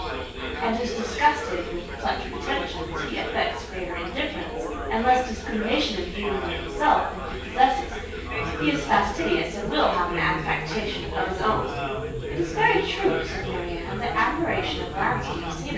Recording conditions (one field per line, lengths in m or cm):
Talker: one person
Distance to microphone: 9.8 m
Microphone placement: far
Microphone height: 1.8 m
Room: large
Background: babble